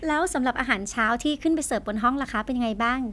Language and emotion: Thai, happy